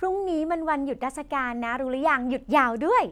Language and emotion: Thai, happy